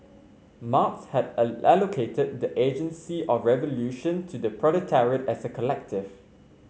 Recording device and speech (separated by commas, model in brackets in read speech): mobile phone (Samsung C5), read sentence